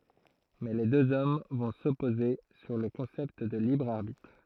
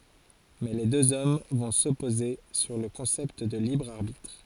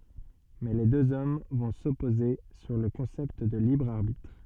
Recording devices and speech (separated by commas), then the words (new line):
throat microphone, forehead accelerometer, soft in-ear microphone, read sentence
Mais les deux hommes vont s’opposer sur le concept de libre arbitre.